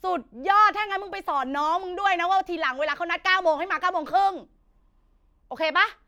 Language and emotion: Thai, angry